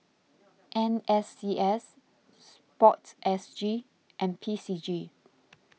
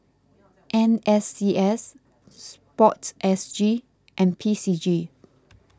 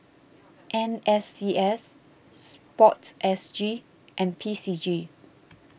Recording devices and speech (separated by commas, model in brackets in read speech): mobile phone (iPhone 6), close-talking microphone (WH20), boundary microphone (BM630), read sentence